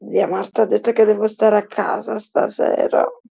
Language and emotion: Italian, sad